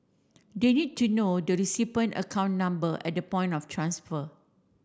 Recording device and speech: standing microphone (AKG C214), read sentence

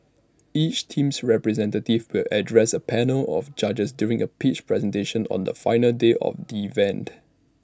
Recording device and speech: standing microphone (AKG C214), read sentence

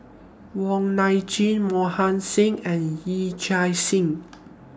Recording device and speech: standing microphone (AKG C214), read sentence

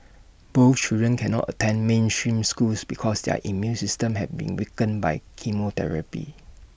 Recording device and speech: boundary microphone (BM630), read sentence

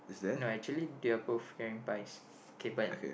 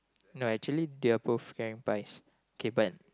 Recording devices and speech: boundary microphone, close-talking microphone, conversation in the same room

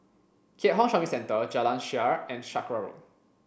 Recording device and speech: boundary microphone (BM630), read sentence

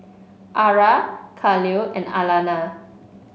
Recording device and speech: mobile phone (Samsung C5), read sentence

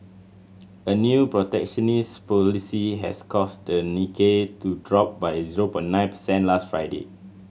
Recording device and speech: mobile phone (Samsung C7100), read sentence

